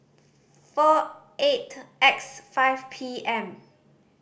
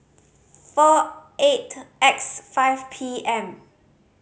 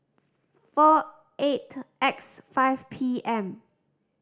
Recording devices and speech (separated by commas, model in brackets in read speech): boundary microphone (BM630), mobile phone (Samsung C5010), standing microphone (AKG C214), read sentence